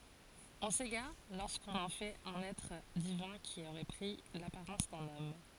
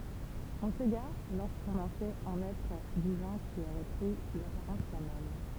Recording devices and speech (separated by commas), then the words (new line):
forehead accelerometer, temple vibration pickup, read sentence
On s'égare lorsqu'on en fait un être divin qui aurait pris l'apparence d'un homme.